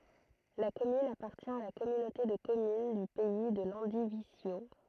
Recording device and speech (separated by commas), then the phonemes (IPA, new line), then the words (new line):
throat microphone, read sentence
la kɔmyn apaʁtjɛ̃ a la kɔmynote də kɔmyn dy pɛi də lɑ̃divizjo
La commune appartient à la Communauté de communes du Pays de Landivisiau.